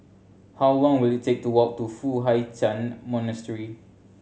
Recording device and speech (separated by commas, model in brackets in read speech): mobile phone (Samsung C7100), read sentence